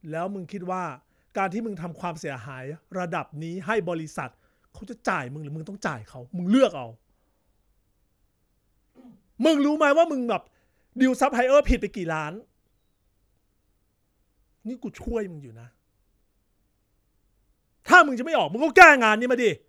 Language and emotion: Thai, angry